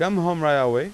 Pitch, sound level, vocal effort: 170 Hz, 94 dB SPL, loud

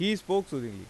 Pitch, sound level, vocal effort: 180 Hz, 91 dB SPL, loud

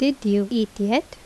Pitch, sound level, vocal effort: 225 Hz, 79 dB SPL, normal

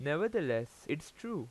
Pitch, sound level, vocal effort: 145 Hz, 89 dB SPL, loud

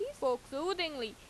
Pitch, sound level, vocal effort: 275 Hz, 88 dB SPL, loud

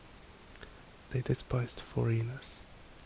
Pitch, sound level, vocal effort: 95 Hz, 64 dB SPL, soft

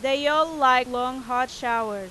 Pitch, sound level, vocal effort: 255 Hz, 97 dB SPL, very loud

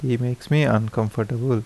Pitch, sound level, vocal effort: 120 Hz, 78 dB SPL, soft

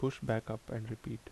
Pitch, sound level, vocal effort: 110 Hz, 73 dB SPL, soft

